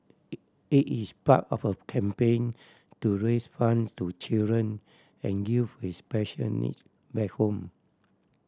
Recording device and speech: standing microphone (AKG C214), read sentence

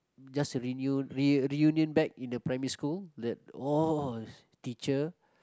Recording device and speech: close-talking microphone, conversation in the same room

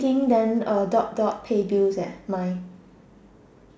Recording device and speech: standing microphone, conversation in separate rooms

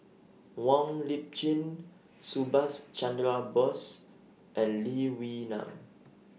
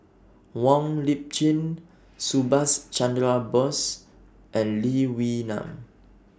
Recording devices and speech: mobile phone (iPhone 6), standing microphone (AKG C214), read sentence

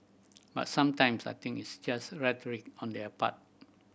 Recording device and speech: boundary microphone (BM630), read sentence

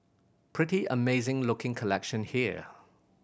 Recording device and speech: boundary microphone (BM630), read sentence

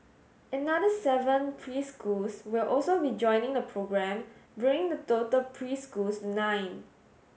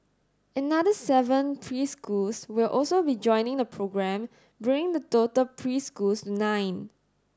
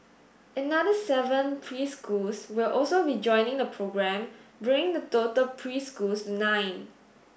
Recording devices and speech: mobile phone (Samsung S8), standing microphone (AKG C214), boundary microphone (BM630), read sentence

